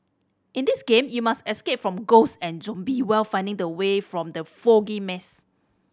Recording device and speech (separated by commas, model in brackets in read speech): standing microphone (AKG C214), read sentence